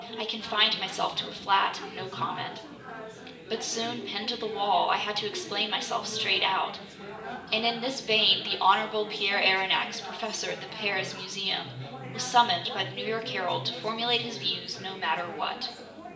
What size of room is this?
A spacious room.